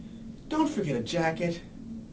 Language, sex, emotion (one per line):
English
male
disgusted